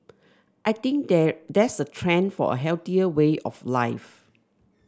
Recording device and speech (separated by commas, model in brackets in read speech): standing microphone (AKG C214), read sentence